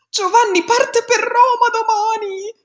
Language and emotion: Italian, happy